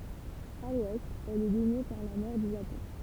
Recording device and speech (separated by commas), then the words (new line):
temple vibration pickup, read sentence
À l’ouest, elle est baignée par la mer du Japon.